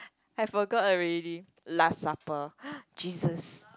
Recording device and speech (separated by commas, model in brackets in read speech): close-talking microphone, conversation in the same room